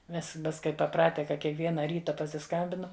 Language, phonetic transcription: Lithuanian, ˈmes ˈmes kai paˈprate ka kiekˈviena ˈryta pasiˈskambinam

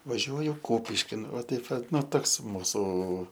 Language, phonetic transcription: Lithuanian, vaˈžiuoju ˈkūpiškin va ˈtaip va ˈnu ˈtoks ˈmūsų

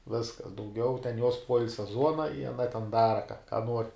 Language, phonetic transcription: Lithuanian, ˈviskas dauˈgiau ten juos ˈpuoilsia ˈzuona i aˈna ten ˈdara ka ka nuor'

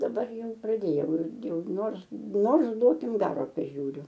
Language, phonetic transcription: Lithuanian, daˈbar ˈjau praˈdėjau ˈirgi ˈjau ˈnors ˈnors ˈduokim ˈgaro paˈžiūriu

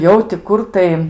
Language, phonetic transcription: Lithuanian, ˈjau ti ˈkur tai

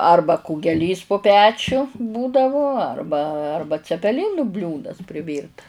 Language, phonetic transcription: Lithuanian, ˈarba kugeˈlys po pečiu ˈbūdavu ˈarba ˈarba cepeˈlinu ˈbliūdas prˈivyrtas

